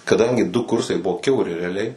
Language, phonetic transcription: Lithuanian, kaˈdangi du ˈkursai ˈbuvo kiauˈri reaˈliai

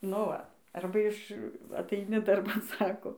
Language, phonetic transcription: Lithuanian, no ˈva ˈarba iš ataiˈni darˈban ˈsako

